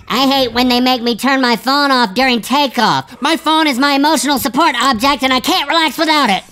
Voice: high pitched voice